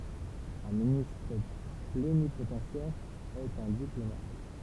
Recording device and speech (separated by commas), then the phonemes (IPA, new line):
temple vibration pickup, read sentence
œ̃ ministʁ plenipotɑ̃sjɛʁ ɛt œ̃ diplomat